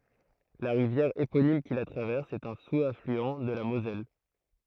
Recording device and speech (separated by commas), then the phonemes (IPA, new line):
throat microphone, read sentence
la ʁivjɛʁ eponim ki la tʁavɛʁs ɛt œ̃ suzaflyɑ̃ də la mozɛl